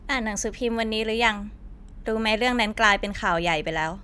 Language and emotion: Thai, neutral